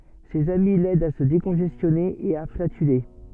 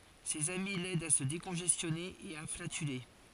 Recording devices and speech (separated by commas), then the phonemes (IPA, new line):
soft in-ear microphone, forehead accelerometer, read sentence
sez ami lɛdt a sə dekɔ̃ʒɛstjɔne e a flatyle